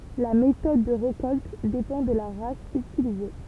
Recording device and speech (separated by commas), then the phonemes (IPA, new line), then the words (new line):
temple vibration pickup, read sentence
la metɔd də ʁekɔlt depɑ̃ də la ʁas ytilize
La méthode de récolte dépend de la race utilisée.